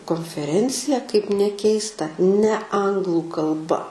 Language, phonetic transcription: Lithuanian, konfeˈrencija kaip neˈkeista ne ˈanglu kalˈba

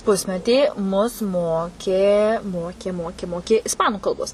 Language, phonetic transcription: Lithuanian, ˈpusmetį mus ˈmokė ˈmokė ˈmokė ˈmoki isˈpanu kalˈbos

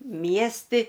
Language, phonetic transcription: Lithuanian, ˈmiesti

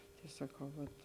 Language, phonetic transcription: Lithuanian, tai saˈkau vat

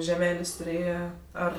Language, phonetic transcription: Lithuanian, žeˈmelės' tuˈrėje ˈar

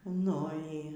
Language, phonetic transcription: Lithuanian, nu ˈy

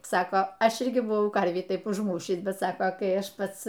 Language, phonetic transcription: Lithuanian, ˈsaka ˈaš ˈirgi buˈvau ˈkarvį ˈtaip užˈmūšįs bet ˈsaka kai ˈaš ˈpats

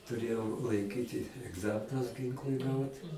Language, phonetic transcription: Lithuanian, tuˈrėjau laiˈkyti egˈzaminus ˈginklui ˈgaut

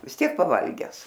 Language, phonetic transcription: Lithuanian, vis ˈtiek paˈvalgęs

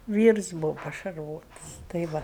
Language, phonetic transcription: Lithuanian, ˈvyrs ˈbūvo pašarˈvotas tai ˈva

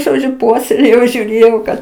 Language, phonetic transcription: Lithuanian, žoˈdžiu ˈpuoselėjau žiūˈrėjau kad

